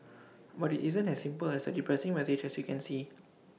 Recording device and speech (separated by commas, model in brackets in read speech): mobile phone (iPhone 6), read sentence